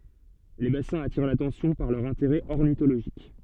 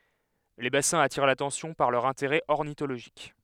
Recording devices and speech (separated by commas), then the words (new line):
soft in-ear microphone, headset microphone, read sentence
Les bassins attirent l’attention par leur intérêt ornithologique.